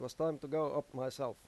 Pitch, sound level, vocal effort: 145 Hz, 91 dB SPL, normal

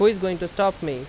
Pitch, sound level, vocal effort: 185 Hz, 91 dB SPL, loud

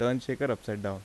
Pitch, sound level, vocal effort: 120 Hz, 83 dB SPL, normal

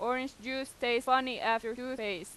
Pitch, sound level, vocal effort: 245 Hz, 92 dB SPL, loud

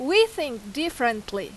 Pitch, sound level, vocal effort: 255 Hz, 91 dB SPL, very loud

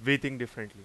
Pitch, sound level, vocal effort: 120 Hz, 93 dB SPL, very loud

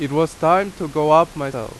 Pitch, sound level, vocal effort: 155 Hz, 91 dB SPL, very loud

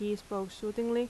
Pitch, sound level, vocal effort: 210 Hz, 83 dB SPL, normal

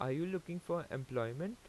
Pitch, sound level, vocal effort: 170 Hz, 85 dB SPL, normal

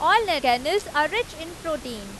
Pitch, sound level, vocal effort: 320 Hz, 94 dB SPL, loud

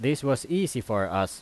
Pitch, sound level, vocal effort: 125 Hz, 89 dB SPL, loud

